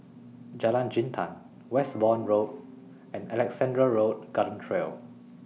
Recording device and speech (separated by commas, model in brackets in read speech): mobile phone (iPhone 6), read sentence